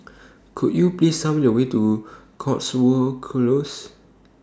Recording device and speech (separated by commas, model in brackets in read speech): standing microphone (AKG C214), read sentence